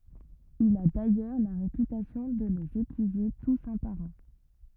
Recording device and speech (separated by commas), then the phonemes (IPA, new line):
rigid in-ear microphone, read sentence
il a dajœʁ la ʁepytasjɔ̃ də lez epyize tus œ̃ paʁ œ̃